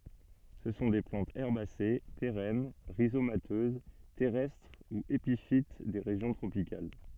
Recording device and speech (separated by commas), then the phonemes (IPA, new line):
soft in-ear microphone, read sentence
sə sɔ̃ de plɑ̃tz ɛʁbase peʁɛn ʁizomatøz tɛʁɛstʁ u epifit de ʁeʒjɔ̃ tʁopikal